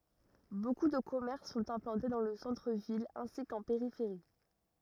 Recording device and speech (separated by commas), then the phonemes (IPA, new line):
rigid in-ear microphone, read sentence
boku də kɔmɛʁs sɔ̃t ɛ̃plɑ̃te dɑ̃ lə sɑ̃tʁ vil ɛ̃si kɑ̃ peʁifeʁi